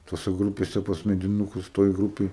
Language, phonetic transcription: Lithuanian, toˈse ˈgrūpėse pas mediˈnūkus ˈtoj ˈgrūpėj

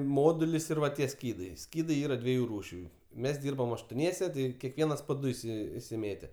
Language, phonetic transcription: Lithuanian, ˈmodulis ir ˈva tie ˈskydai ˈskydai ˈyra ˈdvieju ˈrūšiu mes ˈdyrbam aštoˈniese ˈti keˈkvienas po ˈdu iˈsi isiˈmėte

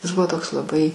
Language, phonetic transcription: Lithuanian, jis ˈbuvo ˈtoks laˈbai

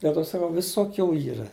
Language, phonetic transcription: Lithuanian, del ˈto saˈkau ˈvisoˌkių ˈyra

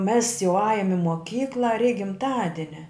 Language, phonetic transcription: Lithuanian, mes jau ˈajum i moˈkykla reik gimˈtadinia

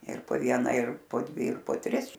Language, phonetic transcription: Lithuanian, ir po ˈviena ir po ˈdvi ir po ˈtris

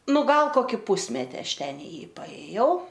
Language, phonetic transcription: Lithuanian, ˈnu ˈgal ˈkoki ˈpusmeti ˈaš ˈten i ˈjį paėˈjau

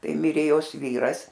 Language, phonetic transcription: Lithuanian, ˈtai ˈmirė ˈjos ˈvyras

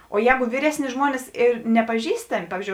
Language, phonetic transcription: Lithuanian, o ˈjēgu ˈvyresˌni ˈžmuonis ir nepaˈžįstami ˈpavyzˌdžiou

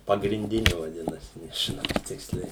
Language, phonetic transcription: Lithuanian, pagrinˈdini vaˈdinasi nežiˈnau ˈtiksliai

